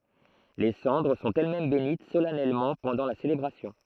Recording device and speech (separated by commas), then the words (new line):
throat microphone, read sentence
Les cendres sont elles-mêmes bénites solennellement pendant la célébration.